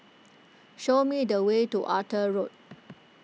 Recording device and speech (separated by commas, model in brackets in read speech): mobile phone (iPhone 6), read sentence